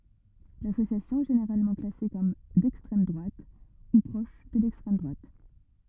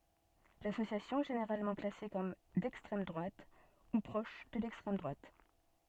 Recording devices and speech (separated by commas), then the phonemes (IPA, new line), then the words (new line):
rigid in-ear microphone, soft in-ear microphone, read sentence
lasosjasjɔ̃ ɛ ʒeneʁalmɑ̃ klase kɔm dɛkstʁɛm dʁwat u pʁɔʃ də lɛkstʁɛm dʁwat
L'association est généralement classée comme d'extrême droite ou proche de l'extrême droite.